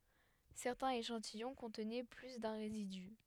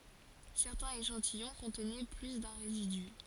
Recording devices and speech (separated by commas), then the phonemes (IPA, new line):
headset microphone, forehead accelerometer, read sentence
sɛʁtɛ̃z eʃɑ̃tijɔ̃ kɔ̃tnɛ ply dœ̃ ʁezidy